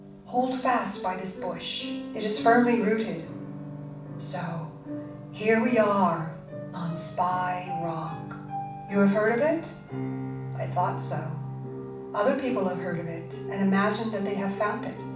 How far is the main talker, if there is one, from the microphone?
5.8 m.